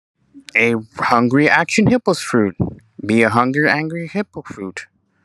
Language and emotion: English, neutral